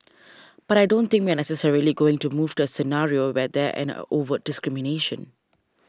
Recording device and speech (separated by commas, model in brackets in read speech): standing microphone (AKG C214), read sentence